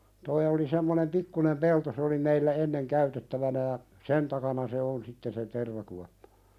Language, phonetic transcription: Finnish, toi oli 'semmonem "pikkunem 'pelto se oli meillä "enneŋ 'käytettävänä ja , "sen takana se 'on sitten se "tervakuappᴀ .
- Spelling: tuo oli semmoinen pikkunen pelto se oli meillä ennen käytettävänä ja sen takana se on sitten se tervakuoppa

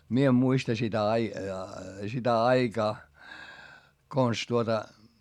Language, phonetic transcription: Finnish, mie em muista sitä ai- , sitä aikaa , kons tuota ,.
- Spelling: minä en muista sitä - sitä aikaa konsa tuota

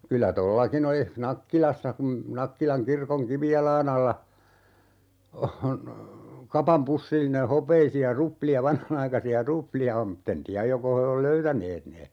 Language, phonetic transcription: Finnish, 'kylä "tollakin ‿olih "Nakkilassa kum , 'Nakkilaŋ 'kirkoŋ "kivijal̀aan ‿alla , on , "kapam 'pussilline 'hopeisi₍a "rupli₍a 'vanhanaikasi₍a "rupli₍a om m̥t't ‿en "tiäj 'joko he ol "löytäneet ne .
- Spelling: kyllä tuollakin olisi Nakkilassa kun Nakkilan kirkon kivijalan alla on kapan pussillinen hopeisia ruplia vanhanaikaisia ruplia on mutta en tiedä joko he on löytäneet ne

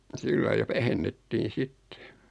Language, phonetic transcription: Finnish, 'sillai ja 'vähennettiin̬ "sittᴇ .
- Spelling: sillä lailla ja vähennettiin sitten

